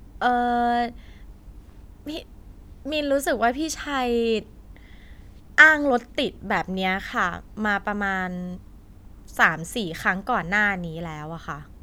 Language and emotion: Thai, frustrated